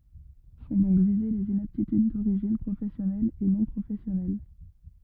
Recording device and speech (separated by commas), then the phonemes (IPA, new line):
rigid in-ear microphone, read sentence
sɔ̃ dɔ̃k vize lez inaptityd doʁiʒin pʁofɛsjɔnɛl e nɔ̃ pʁofɛsjɔnɛl